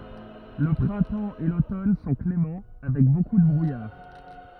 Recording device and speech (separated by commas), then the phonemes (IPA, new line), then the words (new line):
rigid in-ear microphone, read sentence
lə pʁɛ̃tɑ̃ e lotɔn sɔ̃ klemɑ̃ avɛk boku də bʁujaʁ
Le printemps et l'automne sont cléments, avec beaucoup de brouillard.